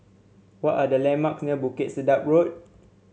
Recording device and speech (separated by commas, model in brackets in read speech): mobile phone (Samsung C7), read sentence